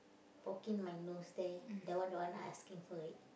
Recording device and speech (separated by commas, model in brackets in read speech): boundary microphone, conversation in the same room